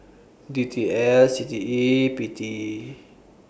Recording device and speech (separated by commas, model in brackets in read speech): boundary microphone (BM630), read sentence